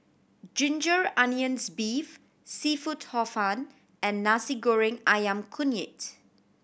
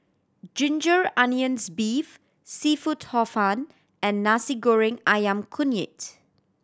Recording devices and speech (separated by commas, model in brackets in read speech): boundary microphone (BM630), standing microphone (AKG C214), read sentence